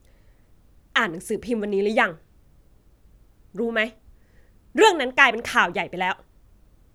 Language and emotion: Thai, angry